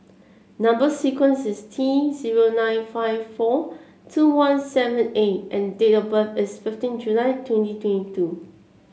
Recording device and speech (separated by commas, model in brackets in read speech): mobile phone (Samsung C7), read sentence